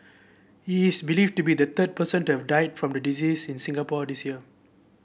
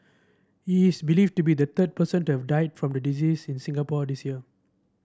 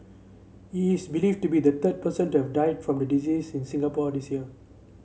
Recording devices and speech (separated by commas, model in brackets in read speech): boundary microphone (BM630), standing microphone (AKG C214), mobile phone (Samsung C7), read sentence